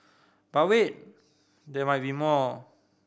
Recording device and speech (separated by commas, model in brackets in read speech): boundary microphone (BM630), read sentence